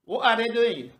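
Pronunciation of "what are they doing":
This is a British way of saying it: the t in 'what' is a glottal stop.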